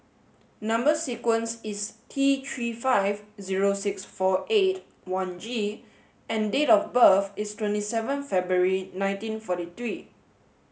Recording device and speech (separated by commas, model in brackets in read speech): mobile phone (Samsung S8), read sentence